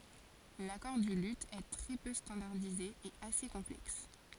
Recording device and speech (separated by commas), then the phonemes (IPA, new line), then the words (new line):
forehead accelerometer, read sentence
lakɔʁ dy ly ɛ tʁɛ pø stɑ̃daʁdize e ase kɔ̃plɛks
L'accord du luth est très peu standardisé et assez complexe.